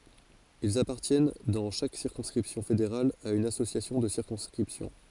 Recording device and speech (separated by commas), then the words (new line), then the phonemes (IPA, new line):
forehead accelerometer, read sentence
Ils appartiennent dans chaque circonscription fédérale à une association de circonscription.
ilz apaʁtjɛn dɑ̃ ʃak siʁkɔ̃skʁipsjɔ̃ fedeʁal a yn asosjasjɔ̃ də siʁkɔ̃skʁipsjɔ̃